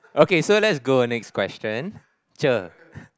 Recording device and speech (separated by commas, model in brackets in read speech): close-talking microphone, conversation in the same room